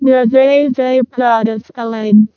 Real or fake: fake